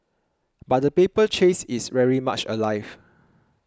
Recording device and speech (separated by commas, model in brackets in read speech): close-talking microphone (WH20), read sentence